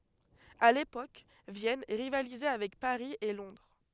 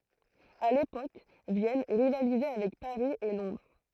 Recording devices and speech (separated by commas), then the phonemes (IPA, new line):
headset microphone, throat microphone, read sentence
a lepok vjɛn ʁivalizɛ avɛk paʁi e lɔ̃dʁ